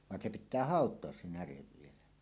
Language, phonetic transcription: Finnish, van se pit̆tää "hàot̀oas 'se 'närev vielä .
- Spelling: vaan se pitää hautoa se näre vielä

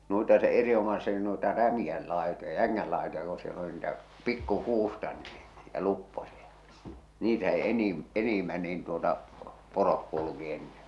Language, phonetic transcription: Finnish, 'nuita se 'eri₍omase(stiki) nuita 'rämiʲäl làetoja "jäŋŋäl làetoja ko siel ‿oli niitä , 'pikku'kuusta nii , ja 'lupposia , 'niitä se 'enim- , 'enimmä niin tuota , 'porok kulᵘki enneɴ .
- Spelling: noita se erinomaisestikin noita rämeiden laitoja jängän laitoja kun siellä oli niitä pikkukuusta niin ja luppoisia niitä se - enimmän niin tuota poro kulki ennen

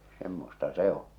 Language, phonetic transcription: Finnish, 'semmosta "se on̬ .
- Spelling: semmoista se on

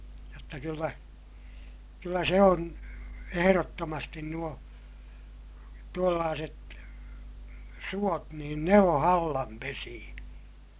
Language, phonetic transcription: Finnish, jotta kyllä , kyllä se on , eherottomastin nuo , tuollaaset , suot niin ne oo̰ hallam pesiʲä .
- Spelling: jotta kyllä kyllä se on ehdottomasti nuo tuollaiset suot niin ne on hallan pesiä

